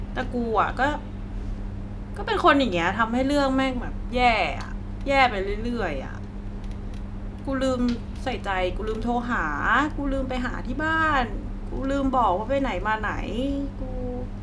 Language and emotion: Thai, frustrated